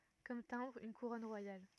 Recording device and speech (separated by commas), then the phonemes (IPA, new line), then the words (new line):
rigid in-ear microphone, read sentence
kɔm tɛ̃bʁ yn kuʁɔn ʁwajal
Comme timbre, une couronne royale.